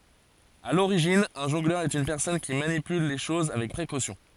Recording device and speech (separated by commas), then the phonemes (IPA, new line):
forehead accelerometer, read sentence
a loʁiʒin œ̃ ʒɔ̃ɡlœʁ ɛt yn pɛʁsɔn ki manipyl le ʃoz avɛk pʁekosjɔ̃